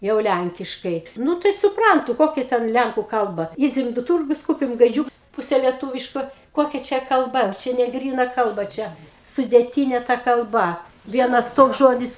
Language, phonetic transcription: Lithuanian, ˈjau ˈlænkiškai ˈnu tai suˈprantu ˈkokia ˈten ˈlænku ˈkalba ˈydzem do ˈtūrgus ˈkūpim gaiˈdžiūk ˈpūse lieˈtūviško ˈkokia ˈčia kalˈba ˈčia neˈgryna ˈkalba ˈčia sudėˈtyne ˈta kalˈba ˈvienas ˈtoks ˈžodis

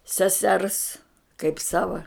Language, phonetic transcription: Lithuanian, seˈsers kaip ˈsava

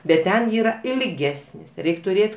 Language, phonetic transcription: Lithuanian, bet ˈten ˈyra ilˈgesnis ˈreik' tuˈrėt'

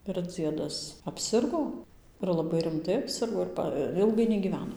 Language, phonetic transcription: Lithuanian, ir ˈdziedas apˈsirgo ir laˈbai rimˈtai apˈsirgo ir ˈpa ˈilgai negyˈveno

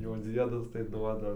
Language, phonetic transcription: Lithuanian, jau ˈdziedas tai ˈduoda

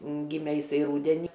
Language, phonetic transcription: Lithuanian, ˈgime jiˈsai ˈrūdeni

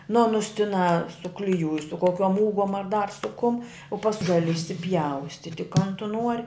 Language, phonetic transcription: Lithuanian, nu ˈanus tiˈnā sukliˈjūj su koˈkiom ˈūgom ar dar su kum u pask ˈgali išsipˈjaustiti kan tu nuor'

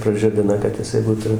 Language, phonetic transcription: Lithuanian, praˈžibina kad jiˈsai ˈbūtu

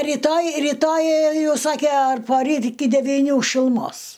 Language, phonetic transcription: Lithuanian, ritoj riˈtoj ˈjau ˈsake ar poˈryt iki devyˈnių šiluˈmos

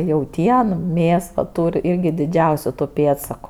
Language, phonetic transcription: Lithuanian, jauˈtien ˈmės va ˈtūr' ˈirgi diˈdžiausiu tu ˈpėdsaku

